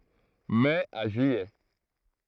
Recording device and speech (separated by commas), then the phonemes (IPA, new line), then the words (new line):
throat microphone, read sentence
mɛ a ʒyijɛ
Mai à juillet.